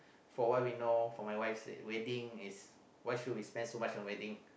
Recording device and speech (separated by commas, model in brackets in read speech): boundary microphone, conversation in the same room